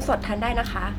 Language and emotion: Thai, neutral